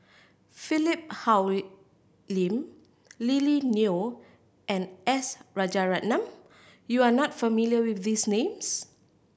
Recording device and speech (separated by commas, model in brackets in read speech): boundary microphone (BM630), read sentence